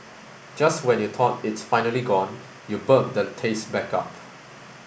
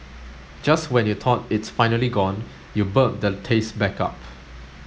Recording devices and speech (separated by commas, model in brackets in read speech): boundary microphone (BM630), mobile phone (Samsung S8), read sentence